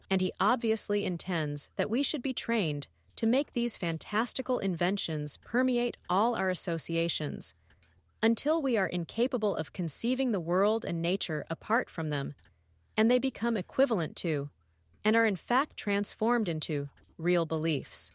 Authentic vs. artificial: artificial